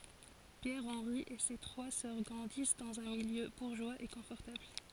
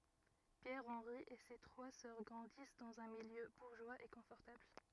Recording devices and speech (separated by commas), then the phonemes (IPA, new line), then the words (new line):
forehead accelerometer, rigid in-ear microphone, read sentence
pjɛʁ ɑ̃ʁi e se tʁwa sœʁ ɡʁɑ̃dis dɑ̃z œ̃ miljø buʁʒwaz e kɔ̃fɔʁtabl
Pierre Henri et ses trois sœurs grandissent dans un milieu bourgeois et confortable.